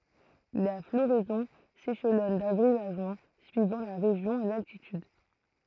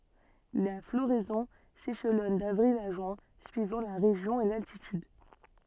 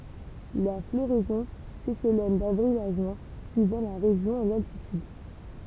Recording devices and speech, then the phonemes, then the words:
throat microphone, soft in-ear microphone, temple vibration pickup, read sentence
la floʁɛzɔ̃ seʃlɔn davʁil a ʒyɛ̃ syivɑ̃ la ʁeʒjɔ̃ e laltityd
La floraison s'échelonne d'avril à juin suivant la région et l'altitude.

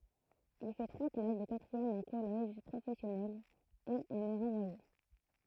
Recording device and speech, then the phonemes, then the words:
throat microphone, read sentence
il fɛ tʁwa klas də katʁiɛm ɑ̃ kɔlɛʒ pʁofɛsjɔnɛl e ɑ̃n ɛ ʁɑ̃vwaje
Il fait trois classes de quatrième en collège professionnel, et en est renvoyé.

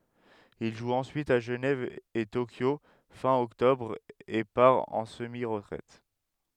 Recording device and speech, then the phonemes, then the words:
headset microphone, read sentence
il ʒu ɑ̃syit a ʒənɛv e tokjo fɛ̃ ɔktɔbʁ e paʁ ɑ̃ səmi ʁətʁɛt
Il joue ensuite à Genève et Tokyo fin octobre, et part en semi-retraite.

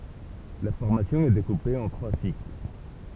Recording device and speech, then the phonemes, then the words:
temple vibration pickup, read sentence
la fɔʁmasjɔ̃ ɛ dekupe ɑ̃ tʁwa sikl
La formation est découpée en trois cycles.

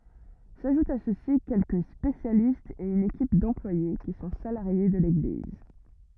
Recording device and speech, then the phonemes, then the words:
rigid in-ear microphone, read sentence
saʒutt a sø si kɛlkə spesjalistz e yn ekip dɑ̃plwaje ki sɔ̃ salaʁje də leɡliz
S'ajoutent à ceux-ci quelques spécialistes et une équipe d'employés qui sont salariés de l'Église.

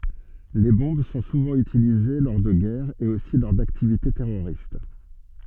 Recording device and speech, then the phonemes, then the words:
soft in-ear microphone, read sentence
le bɔ̃b sɔ̃ suvɑ̃ ytilize lɔʁ də ɡɛʁz e osi lɔʁ daktivite tɛʁoʁist
Les bombes sont souvent utilisées lors de guerres, et aussi lors d'activités terroristes.

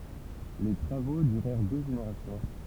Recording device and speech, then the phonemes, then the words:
temple vibration pickup, read sentence
le tʁavo dyʁɛʁ dø ʒeneʁasjɔ̃
Les travaux durèrent deux générations.

